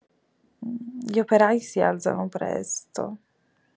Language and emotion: Italian, sad